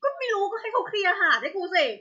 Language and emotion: Thai, angry